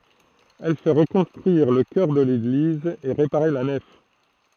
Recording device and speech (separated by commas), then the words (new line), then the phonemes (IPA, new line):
throat microphone, read sentence
Elle fait reconstruire le chœur de l'église et réparer la nef.
ɛl fɛ ʁəkɔ̃stʁyiʁ lə kœʁ də leɡliz e ʁepaʁe la nɛf